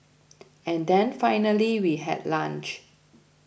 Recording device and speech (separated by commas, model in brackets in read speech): boundary microphone (BM630), read sentence